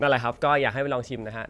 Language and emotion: Thai, neutral